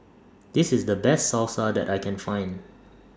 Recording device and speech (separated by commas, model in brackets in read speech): standing microphone (AKG C214), read sentence